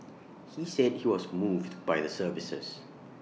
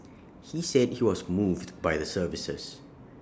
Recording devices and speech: mobile phone (iPhone 6), standing microphone (AKG C214), read sentence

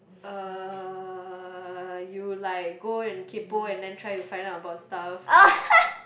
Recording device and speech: boundary microphone, conversation in the same room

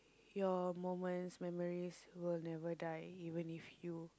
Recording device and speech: close-talking microphone, conversation in the same room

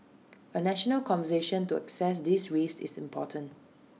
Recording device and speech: mobile phone (iPhone 6), read sentence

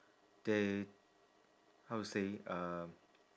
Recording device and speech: standing microphone, conversation in separate rooms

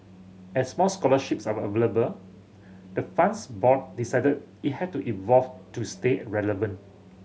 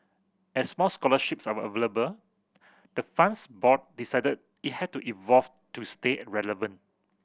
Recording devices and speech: mobile phone (Samsung C7100), boundary microphone (BM630), read sentence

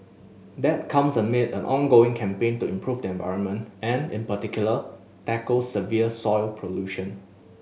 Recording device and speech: mobile phone (Samsung S8), read sentence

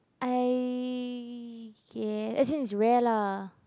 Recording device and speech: close-talking microphone, conversation in the same room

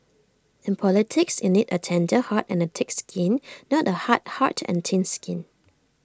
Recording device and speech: standing microphone (AKG C214), read sentence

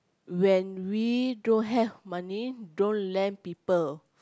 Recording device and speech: close-talking microphone, conversation in the same room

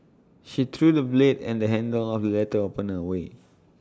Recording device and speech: standing microphone (AKG C214), read sentence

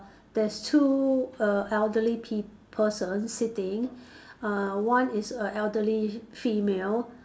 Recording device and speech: standing microphone, conversation in separate rooms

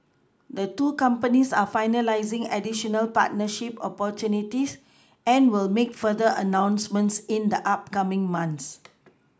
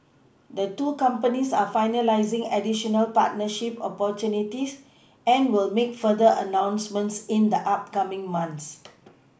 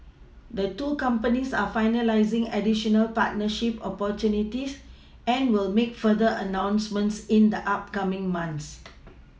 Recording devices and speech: close-talking microphone (WH20), boundary microphone (BM630), mobile phone (iPhone 6), read sentence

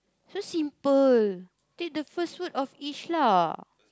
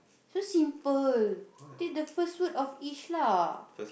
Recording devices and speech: close-talking microphone, boundary microphone, conversation in the same room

